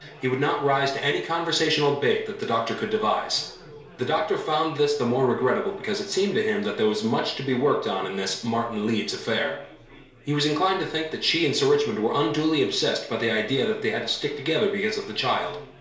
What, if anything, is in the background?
Crowd babble.